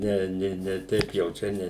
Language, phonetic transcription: Lithuanian, ˈne ˈni ne ˈteip jau ˈčia ˈne

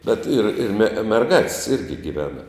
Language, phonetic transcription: Lithuanian, bet ir ir me merˈgāt's' ˈirgi giˈvena

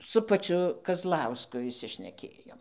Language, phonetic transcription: Lithuanian, su paˈčiu kazˈlausku išsišneˈkėjom

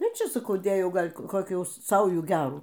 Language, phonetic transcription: Lithuanian, ir ˈčia saˈkau ˈdėjau ˈgal' koˈkių ˈsaujų ˈgerų

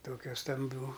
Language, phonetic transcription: Lithuanian, ˈtokia stamˈbių

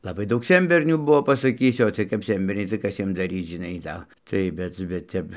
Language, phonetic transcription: Lithuanian, laˈbai ˈdaug ˈsenbernių ˈbuvo pasaˈkysiu o ˈciɜj kap ˈsenberniai tai ˈkas ˈjiem daˈryc žiˈnai ˈda tai ˈbet bet ˈtep

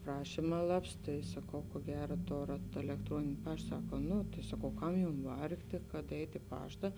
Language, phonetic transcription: Lithuanian, ˈprašima ˈlaps ˈtai saˈkau kuo ˈgera ˈtorat elekˈtruonini ˈpašt ˈsaka ˈnu tai saˈkau ˈkam ˈjum ˈvargtė kad ˈeit' i ˈpašta

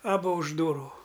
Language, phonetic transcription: Lithuanian, aˈbu už ˈdūrų

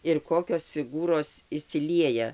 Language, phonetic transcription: Lithuanian, ir ˈkokios fiˈgūros išsiˈlieja

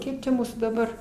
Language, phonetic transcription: Lithuanian, ˈkiek čia ˈmūsų daˈbar

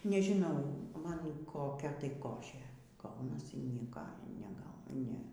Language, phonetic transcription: Lithuanian, nežiˈnau ˈman koˈkia tai ˈkošė ˈgaunasi ˈnieka neˈgau ˈne

